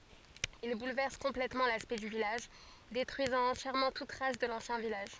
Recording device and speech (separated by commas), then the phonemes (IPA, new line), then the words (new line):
forehead accelerometer, read sentence
il bulvɛʁs kɔ̃plɛtmɑ̃ laspɛkt dy vilaʒ detʁyizɑ̃ ɑ̃tjɛʁmɑ̃ tut tʁas də lɑ̃sjɛ̃ vilaʒ
Il bouleverse complètement l'aspect du village, détruisant entièrement toute trace de l'ancien village.